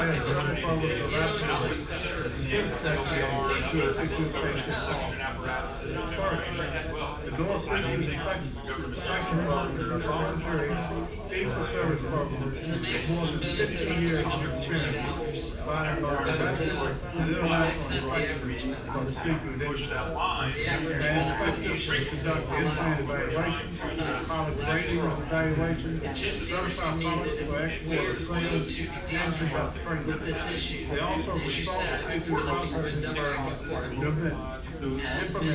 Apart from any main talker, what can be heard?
Crowd babble.